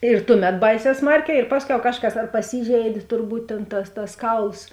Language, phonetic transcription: Lithuanian, ir ˈtuˌmet ˈbaiˌsē ˈsmarˌkē ir ˈpasˌkiau ˈkažˌkas ar paˈsyžeidė turˈbūt tėn tas tas ˈkauls

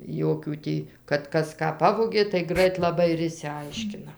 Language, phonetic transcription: Lithuanian, ˈjokių tį kad ˈkas ˈką ˈpavogė tai ˈgrait laˈbai ir išsiˈaiškina

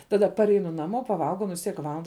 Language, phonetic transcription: Lithuanian, ˈtaˌda parˈeinu naˈmo paˈvalgau ˈnu vis ˈtiek ˈvalanda

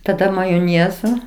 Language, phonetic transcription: Lithuanian, taˈda majoˈnėzo

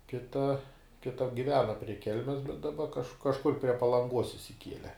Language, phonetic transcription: Lithuanian, ˈkita kita giˈvena prie ˈkelmes bet daˈba kaž kažˈkur prie palanˈguos išsiˈkiele

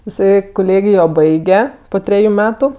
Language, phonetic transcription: Lithuanian, iˈsai kuˈlėgijo ˈbaige po ˈtreju ˈmetu

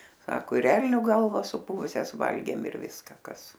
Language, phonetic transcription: Lithuanian, ˈsako ir ˈelnio ˈgalvas suˈpuvusias ˈvalgėm ir ˈviska ˈkas

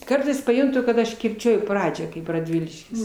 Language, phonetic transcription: Lithuanian, ˈkartais paˈjuntu kad ˈaš kirˈčiuoju ˈpradžią kaip raˈdviliškis

